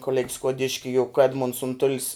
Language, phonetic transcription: Lithuanian, koˈleg' skuoˈdiški juk ˈedmunds unˈtulis

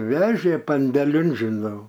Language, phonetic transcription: Lithuanian, ˈvežė pandeˈlin žiˈnau

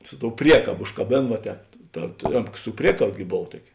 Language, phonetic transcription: Lithuanian, ˈsu ˌtou ˈpriekabo užkaˈbėn va ˈtēp ˈta (ˈėmka mk) su ˈpriekab gi ˈbov ˈtuoki

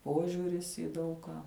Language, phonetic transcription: Lithuanian, ˈpožiūris į ˈdaug ką

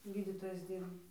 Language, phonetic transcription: Lithuanian, ˈgydytojais ˈdyrba

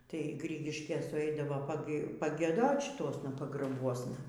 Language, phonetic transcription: Lithuanian, tai ˈgrigiškės suˈeidavo pagieˈdot šiˈtuosna pagraˈbuosna

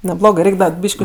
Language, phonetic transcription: Lithuanian, neˈblogɜ ˈreik' ˈda ˈbyški

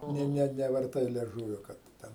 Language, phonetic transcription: Lithuanian, ˈne ne nevarˈtai lieˈžūvio ˈkad ˈten

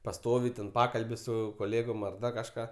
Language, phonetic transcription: Lithuanian, paˈstovi ten ˈpakalbi ˈsu koˈlėgom ar ˈda kažˈką

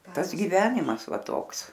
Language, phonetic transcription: Lithuanian, ˈtas giˈvenimas ˈva ˈtoks

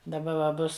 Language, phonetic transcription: Lithuanian, daˈba va ˈbus

